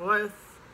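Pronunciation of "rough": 'rough' is pronounced incorrectly here.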